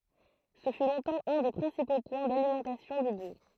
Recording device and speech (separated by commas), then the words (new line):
throat microphone, read sentence
Ce fut longtemps un des principaux points d'alimentation du bourg.